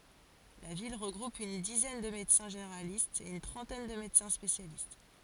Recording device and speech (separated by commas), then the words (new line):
forehead accelerometer, read sentence
La ville regroupe une dizaine de médecins généralistes et une trentaine de médecins spécialistes.